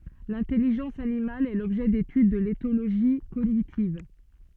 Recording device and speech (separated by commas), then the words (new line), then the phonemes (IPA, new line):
soft in-ear microphone, read sentence
L'intelligence animale est l'objet d'étude de l'éthologie cognitive.
lɛ̃tɛliʒɑ̃s animal ɛ lɔbʒɛ detyd də letoloʒi koɲitiv